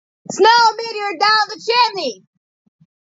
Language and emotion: English, neutral